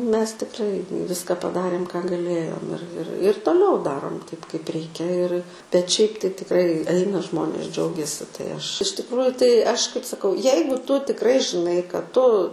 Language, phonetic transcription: Lithuanian, ˈmes tikˈrai ˈviska paˈdarėm ką gaˈlėjom ir ir ir toˈliau ˈdarom taip kaip ˈreikia ir bet ˈšiaip tai tikˈrai ˈaina ˈžmonės ˈdžiaugiasi tai ˈaš iš tikˈrųju tai ˈaš kaip saˈkau ˈjeigu ˈtu tikˈrai žiˈnai kad ˈtu

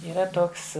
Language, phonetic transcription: Lithuanian, yˈra ˈtoks

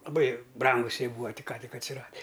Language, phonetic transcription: Lithuanian, laˈbai ˈbrangus ˈjie ˈbūa tik ˈką tik atsiˈradi

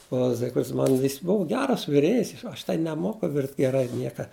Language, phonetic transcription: Lithuanian, o ˈzigfrids ˈman ˈjis ˈbuvu ˈgeras viˈrėjis ˈaš tai neˈmoku ˈvirt' geˈrai ˈnieka

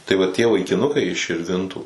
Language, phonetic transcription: Lithuanian, tai va ˈtie vaikiˈnukai iš širˈvintų

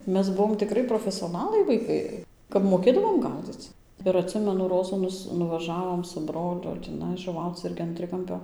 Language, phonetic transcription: Lithuanian, ˈmes ˈbuvom tiˈkri profesioˈnalai vaiˈkai kap moˈkėdavom ˈgaudzic ir atˈsimenu ˈrozų ˈnus nuvaˈžavom su ˈbroliu tįˈnai žuˈvauc ˈirgi an ˈtrikampio

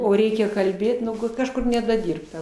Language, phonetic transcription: Lithuanian, o ˈreikia kalˈbėt nu ˈgut ˈkažkur nedaˈdirbta

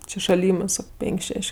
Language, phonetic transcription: Lithuanian, ˈči šaˈlimɜs ˈsako ˈpenk' ˈšeš'

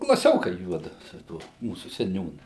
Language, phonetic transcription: Lithuanian, klaˈsiokai ˈjuodu su ˈtuo ˈmūsu seˈniūnu

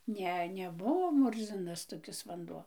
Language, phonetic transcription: Lithuanian, ˈne neˈbuvo ˈmurzinas toˈkis vanˈduo

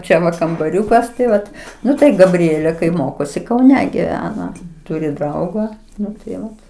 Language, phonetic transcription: Lithuanian, ˈčia va kambaˈriūkas tai ˈvat ˈnu tai gaˈbrielė kai ˈmokosi kauˈne giˈvena ˈturi ˈdrauga ˈnu tai ˈvat

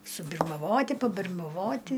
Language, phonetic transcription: Lithuanian, subirmaˈvoti pabirmaˈvoti

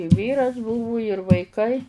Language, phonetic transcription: Lithuanian, i ˈvyras ˈbuvu ir vaiˈkai

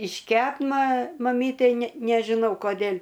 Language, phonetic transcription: Lithuanian, išˈkep ma maˈmytei ne nežiˈnau koˈdėl'

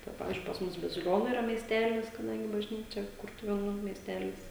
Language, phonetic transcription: Lithuanian, tai ˈpavizdžiui pas ˈmus baziˈlionu iˈra miesˈtelis kaˈdangi bažˈnyčia ˈkurtuvėnų miesˈtelis

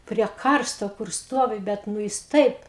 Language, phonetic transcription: Lithuanian, prie ˈkarsto kur ˈstovi ˈbet nu ˈjis ˈtaip

